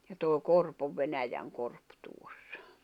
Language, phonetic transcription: Finnish, ja tòi̬ 'korp ov 'venäjäŋ'korp tuossᴀ .
- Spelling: ja toi korpi on Venäjänkorpi tuossa

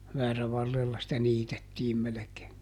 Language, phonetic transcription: Finnish, ˈväärävarrella sⁱtä ˈniitettiim melekee .
- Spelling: väärävarrella sitä niitettiin melkein

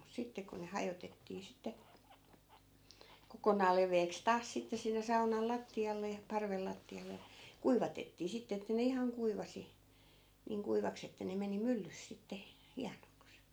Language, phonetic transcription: Finnish, mut 'sitte ku ne 'hajotettii 'sitte , 'kokonaal lev̀eeks 'taas sitte sinne 'saunal "latti₍alle ja , 'parvel latti₍ale jA , 'kuivatettii 'sitte että ne 'ihaŋ 'kuivasi , 'niiŋ kuivaks ‿että ne 'meni 'myllys sitte , "hianoks .
- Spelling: mutta sitten kun ne hajotettiin sitten kokonaan leveäksi taas sitten sinne saunan lattialle ja parven lattialle ja kuivatettiin sitten että ne ihan kuivasi niin kuivaksi että ne meni myllyssä sitten hienoksi

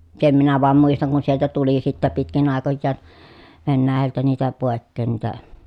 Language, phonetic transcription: Finnish, sem minä voam muistaŋ kun sieltä tuli sittä pitkin àekojjaan , Vennääjältä niitä pòekkeen niitä ,.
- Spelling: sen minä vain muistan kun sieltä tuli sitten pitkin aikojaan Venäjältä niitä pois niitä

